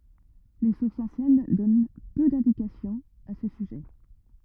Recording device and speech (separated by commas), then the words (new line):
rigid in-ear microphone, read sentence
Les sources anciennes donnent peu d'indications à ce sujet.